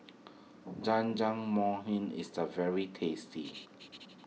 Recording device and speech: mobile phone (iPhone 6), read sentence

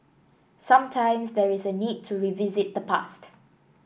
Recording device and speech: boundary microphone (BM630), read sentence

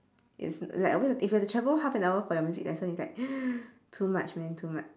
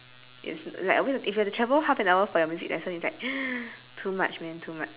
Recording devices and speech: standing microphone, telephone, conversation in separate rooms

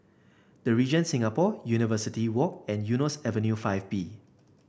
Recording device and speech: boundary microphone (BM630), read sentence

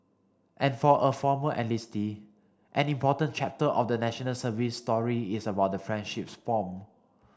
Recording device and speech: standing microphone (AKG C214), read sentence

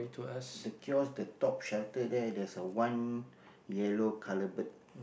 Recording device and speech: boundary microphone, conversation in the same room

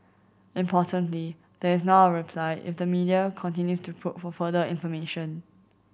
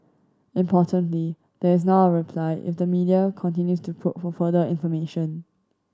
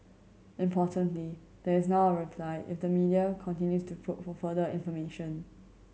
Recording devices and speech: boundary microphone (BM630), standing microphone (AKG C214), mobile phone (Samsung C7100), read sentence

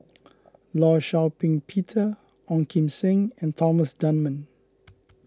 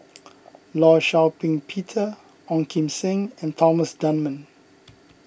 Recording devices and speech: close-talking microphone (WH20), boundary microphone (BM630), read sentence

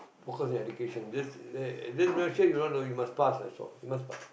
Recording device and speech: boundary microphone, conversation in the same room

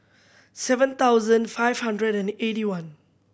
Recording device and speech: boundary microphone (BM630), read sentence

